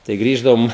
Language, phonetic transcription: Lithuanian, tai ˈgrįždavom

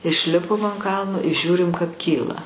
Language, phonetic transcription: Lithuanian, išˈlipom an ˈkalno i ˈžiūrim kap ˈkyla

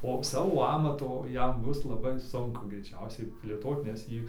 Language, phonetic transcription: Lithuanian, o ˈsavo ˈamato ˈjam ˈbus laˈbai sunˈku greiˈčiausiai plėˈtot nes ˈjį

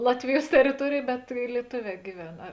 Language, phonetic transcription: Lithuanian, ˈlatviˌjuos teriˈtuorėj bet i lieˈtoˌvē giˈven ˈa

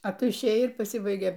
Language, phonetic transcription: Lithuanian, a ˈtu išˈėjai ir paˈsibaigė

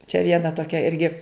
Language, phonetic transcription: Lithuanian, čia ˈviena toˈkia ˈirgi

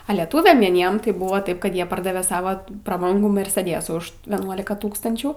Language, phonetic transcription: Lithuanian, a leˈtūviam vieˈniem tai ˈbūva ˈtaip ˈkad ˈjie ˈpardave ˈsava praˈbangų merseˈdėsų už ˈvienuolika ˈtūkstančių

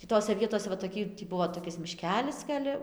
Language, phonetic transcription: Lithuanian, tį ˈtose ˈvietose va toˈkį tį ˈbuvo toˈkis miˈškelis gal'

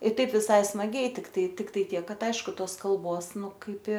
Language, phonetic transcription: Lithuanian, i ˈtaip viˈsai smaˈgiai tikˈtai ˈtiktai ˈtiek ˈkad ˈaišku ˈtos kalˈbos ˈnu ˈkaip i

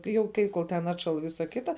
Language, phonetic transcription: Lithuanian, jau ˈkai ˈkol ten ˈatšal ˈvisa ˈkita

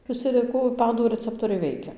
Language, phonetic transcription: Lithuanian, viˈsi liˈku ˈpadų rəˈceptoriai ˈveikia

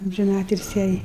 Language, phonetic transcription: Lithuanian, amžiˈnatilsi jai

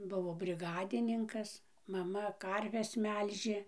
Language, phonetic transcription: Lithuanian, ˈbuvo briˈgadininkas maˈma ˈkarves ˈmelžė

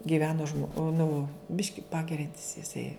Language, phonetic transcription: Lithuanian, giˈveno žmo ˈnu ˈbiški ˈpageriantis jiˈsai

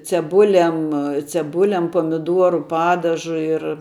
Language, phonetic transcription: Lithuanian, ceˈbulem ceˈbulem pamiˈduoru ˈpadažu ir

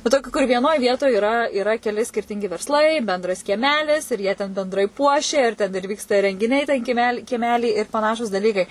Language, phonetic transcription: Lithuanian, va ˈtokių kur vieˈnoj ˈvietoj iˈra iˈra keˈli skirˈtingi versˈlai benˈdras kieˈmelis ir jie ten benˈdrai ˈpuošia ir ˈten ir ˈvyksta rengiˈniai ten kieˈmeli kieˈmely ir paˈnašūs daˈlykai

